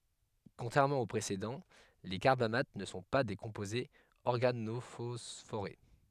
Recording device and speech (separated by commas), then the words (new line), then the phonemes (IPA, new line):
headset microphone, read sentence
Contrairement aux précédents, les carbamates ne sont pas des composés organophosphorés.
kɔ̃tʁɛʁmɑ̃ o pʁesedɑ̃ le kaʁbamat nə sɔ̃ pa de kɔ̃pozez ɔʁɡanofɔsfoʁe